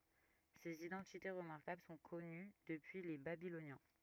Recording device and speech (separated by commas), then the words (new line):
rigid in-ear microphone, read sentence
Ces identités remarquables sont connues depuis les Babyloniens.